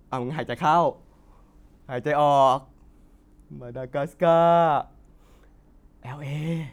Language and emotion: Thai, happy